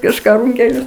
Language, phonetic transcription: Lithuanian, kažˈką ˈrūnkelius

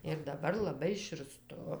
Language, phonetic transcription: Lithuanian, ir daˈbar laˈbai širˈstu

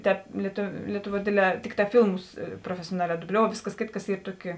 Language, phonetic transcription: Lithuanian, ˈtēp lietu lietuˌvuo ˈdėdˌlē ˈtikˌtā ˈfylmus profesioˈnalē duˈbliou ˈvėsˌkas ˈkėtˌkas ˈyr ˈtuoˌki

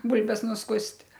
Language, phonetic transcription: Lithuanian, ˈbulbes nusˈkust'

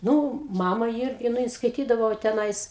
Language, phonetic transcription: Lithuanian, ˈnū ˈmama ˈirgi nu ˈjin skaiˈtydavo teˈnais

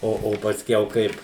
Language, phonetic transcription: Lithuanian, ˈo o pasˈkiau ˈkaip

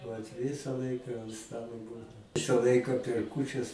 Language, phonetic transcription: Lithuanian, vat ˈvisa ˈlaika ant ˈstalo ˈbūdau ˈvisa ˈlaika per ˈkūčias

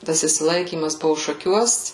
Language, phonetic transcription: Lithuanian, ˈtas išsiˈlaikymas ˈbuvu šaˈkiuos

